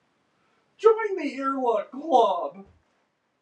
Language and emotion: English, sad